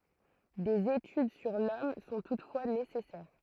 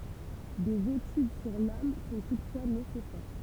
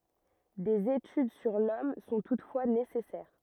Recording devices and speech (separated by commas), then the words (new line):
throat microphone, temple vibration pickup, rigid in-ear microphone, read sentence
Des études sur l'homme sont toutefois nécessaires.